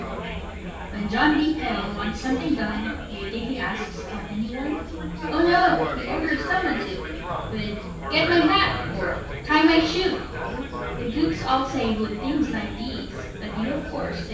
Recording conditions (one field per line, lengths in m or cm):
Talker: one person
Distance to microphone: 9.8 m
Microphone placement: far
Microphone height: 1.8 m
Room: large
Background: babble